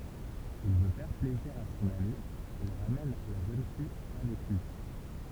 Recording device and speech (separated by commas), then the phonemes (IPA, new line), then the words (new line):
temple vibration pickup, read sentence
il vø fɛʁ plɛziʁ a sɔ̃n ami il ʁamɛn la ʒøn fij avɛk lyi
Il veut faire plaisir à son ami, il ramène la jeune fille avec lui.